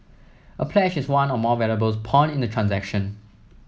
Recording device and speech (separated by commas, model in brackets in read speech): mobile phone (iPhone 7), read sentence